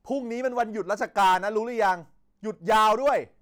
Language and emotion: Thai, angry